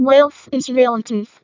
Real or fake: fake